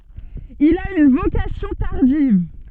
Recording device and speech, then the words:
soft in-ear microphone, read sentence
Il a une vocation tardive.

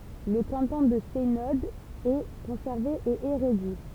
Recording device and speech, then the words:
temple vibration pickup, read sentence
Le canton de Seynod est conservé et est réduit.

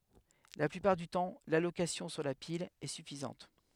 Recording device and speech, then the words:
headset microphone, read sentence
La plupart du temps, l'allocation sur la pile est suffisante.

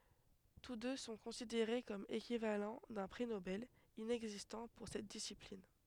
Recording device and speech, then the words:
headset microphone, read sentence
Tous deux sont considérés comme équivalents d'un prix Nobel, inexistant pour cette discipline.

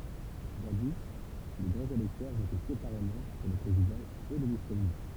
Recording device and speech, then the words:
temple vibration pickup, read sentence
Jadis, les grands électeurs votaient séparément pour le président et le vice-président.

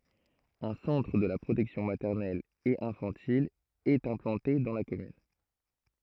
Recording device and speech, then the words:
throat microphone, read sentence
Un centre de la protection maternelle et infantile est implanté dans la commune.

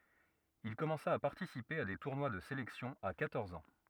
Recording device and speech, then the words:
rigid in-ear microphone, read sentence
Il commença à participer à des tournois de sélection à quatorze ans.

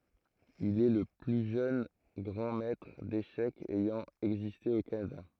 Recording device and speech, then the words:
throat microphone, read sentence
Il est le plus jeune grand maitre d'échecs ayant existé au Canada.

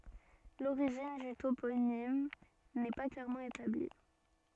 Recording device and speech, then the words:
soft in-ear microphone, read sentence
L'origine du toponyme n'est pas clairement établie.

